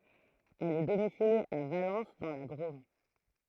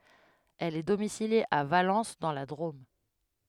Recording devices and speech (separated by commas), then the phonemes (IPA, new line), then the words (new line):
throat microphone, headset microphone, read sentence
ɛl ɛ domisilje a valɑ̃s dɑ̃ la dʁom
Elle est domiciliée à Valence dans la Drôme.